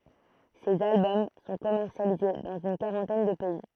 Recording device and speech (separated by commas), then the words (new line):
throat microphone, read sentence
Ses albums sont commercialisés dans une quarantaine de pays.